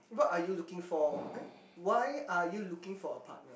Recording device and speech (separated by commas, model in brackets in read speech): boundary microphone, conversation in the same room